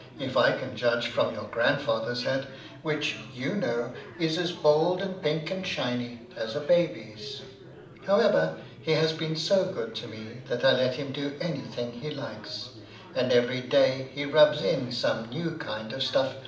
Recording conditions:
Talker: one person; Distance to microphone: 2.0 m; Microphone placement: close; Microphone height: 99 cm; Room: medium-sized (5.7 m by 4.0 m); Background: babble

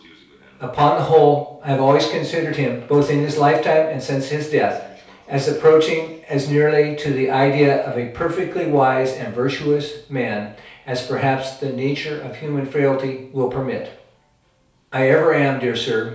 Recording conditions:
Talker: one person; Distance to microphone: 3.0 m; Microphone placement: far; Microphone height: 1.8 m; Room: small (3.7 m by 2.7 m); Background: television

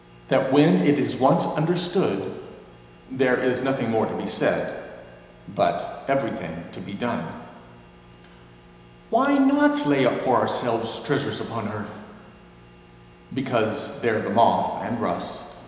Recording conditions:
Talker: one person; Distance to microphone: 1.7 m; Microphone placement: close; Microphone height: 1.0 m; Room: very reverberant, large; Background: none

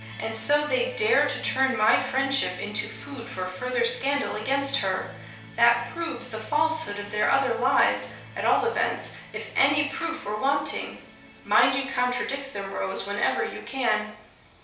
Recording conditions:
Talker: one person; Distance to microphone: 3.0 m; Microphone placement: far; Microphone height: 1.8 m; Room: small (3.7 m by 2.7 m); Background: music

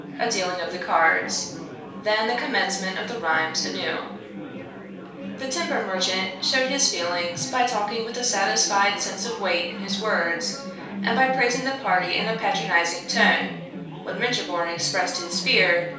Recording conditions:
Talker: one person; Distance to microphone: 3.0 m; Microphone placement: far; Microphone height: 1.8 m; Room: small (3.7 m by 2.7 m); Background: babble

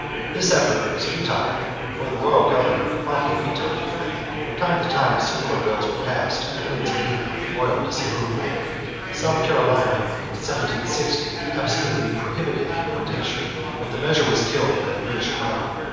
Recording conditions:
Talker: one person; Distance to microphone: 7.1 m; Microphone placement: far; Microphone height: 1.7 m; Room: very reverberant, large; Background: babble

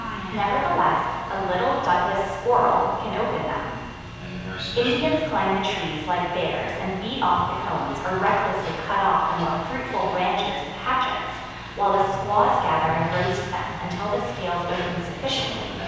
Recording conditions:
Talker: one person; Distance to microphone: 7.1 m; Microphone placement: far; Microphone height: 1.7 m; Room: very reverberant, large; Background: television

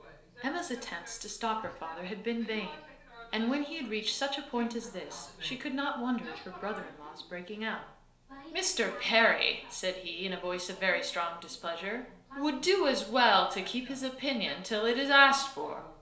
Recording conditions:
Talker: one person; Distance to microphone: 1.0 m; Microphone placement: close; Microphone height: 1.1 m; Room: small (3.7 m by 2.7 m); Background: television

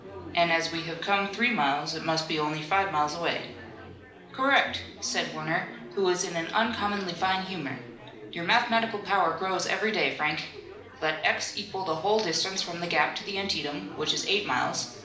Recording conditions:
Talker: one person; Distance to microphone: 2.0 m; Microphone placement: close; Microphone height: 99 cm; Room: medium-sized (5.7 m by 4.0 m); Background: babble

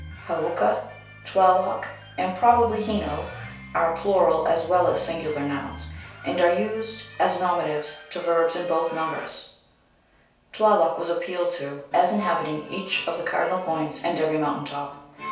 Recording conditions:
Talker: one person; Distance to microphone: 3.0 m; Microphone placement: far; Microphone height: 1.8 m; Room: small (3.7 m by 2.7 m); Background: music

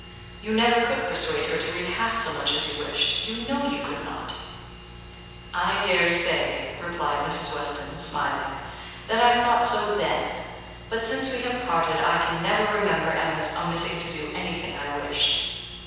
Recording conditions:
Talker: one person; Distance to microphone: 7.1 m; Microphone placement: far; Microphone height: 1.7 m; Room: very reverberant, large; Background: none

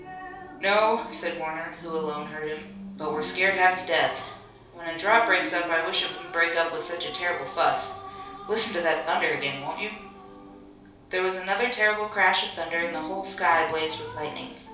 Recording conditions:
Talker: one person; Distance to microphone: 3.0 m; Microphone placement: far; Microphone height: 1.8 m; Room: small (3.7 m by 2.7 m); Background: television

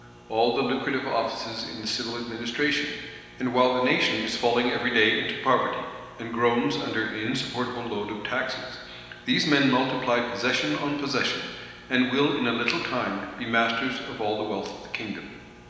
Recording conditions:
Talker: one person; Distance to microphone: 1.7 m; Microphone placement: close; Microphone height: 1.0 m; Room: very reverberant, large; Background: none

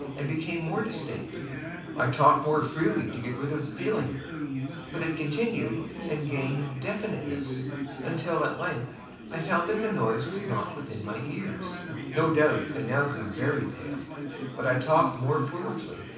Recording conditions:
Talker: one person; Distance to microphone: 5.8 m; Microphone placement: far; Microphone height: 1.8 m; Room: medium-sized (5.7 m by 4.0 m); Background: babble

